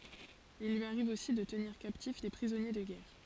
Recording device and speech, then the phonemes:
forehead accelerometer, read sentence
il lyi aʁiv osi də təniʁ kaptif de pʁizɔnje də ɡɛʁ

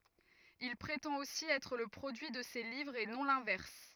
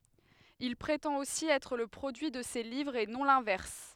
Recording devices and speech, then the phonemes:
rigid in-ear microphone, headset microphone, read sentence
il pʁetɑ̃t osi ɛtʁ lə pʁodyi də se livʁz e nɔ̃ lɛ̃vɛʁs

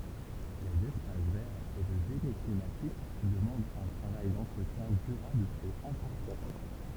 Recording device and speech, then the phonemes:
temple vibration pickup, read sentence
lez ɛspas vɛʁz e lə ʒeni klimatik dəmɑ̃dt œ̃ tʁavaj dɑ̃tʁətjɛ̃ dyʁabl e ɛ̃pɔʁtɑ̃

